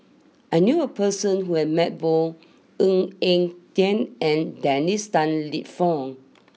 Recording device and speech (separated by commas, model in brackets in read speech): mobile phone (iPhone 6), read sentence